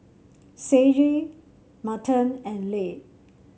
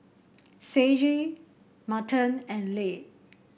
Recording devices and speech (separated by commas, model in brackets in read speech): mobile phone (Samsung C7), boundary microphone (BM630), read sentence